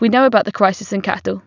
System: none